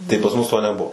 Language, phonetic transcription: Lithuanian, tai pas ˈmus ˈto neˈbuo

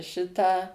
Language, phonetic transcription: Lithuanian, ˈšitą

